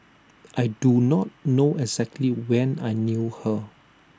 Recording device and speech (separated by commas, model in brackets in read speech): standing microphone (AKG C214), read sentence